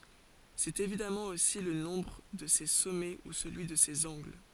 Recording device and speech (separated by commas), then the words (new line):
forehead accelerometer, read sentence
C'est évidemment aussi le nombre de ses sommets ou celui de ses angles.